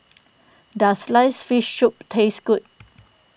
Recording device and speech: boundary microphone (BM630), read sentence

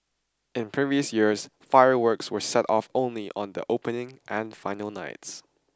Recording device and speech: standing microphone (AKG C214), read sentence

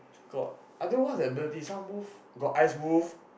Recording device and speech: boundary microphone, conversation in the same room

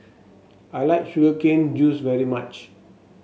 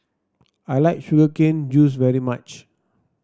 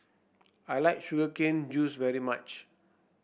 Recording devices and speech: mobile phone (Samsung S8), standing microphone (AKG C214), boundary microphone (BM630), read sentence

